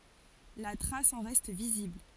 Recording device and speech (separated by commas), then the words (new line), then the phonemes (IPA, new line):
forehead accelerometer, read sentence
La trace en reste visible.
la tʁas ɑ̃ ʁɛst vizibl